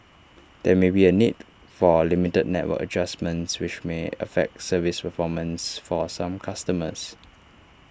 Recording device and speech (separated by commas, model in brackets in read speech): standing microphone (AKG C214), read sentence